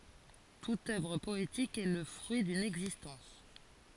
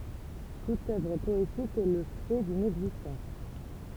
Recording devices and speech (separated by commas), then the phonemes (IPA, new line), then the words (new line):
forehead accelerometer, temple vibration pickup, read sentence
tut œvʁ pɔetik ɛ lə fʁyi dyn ɛɡzistɑ̃s
Toute œuvre poétique est le fruit d'une existence.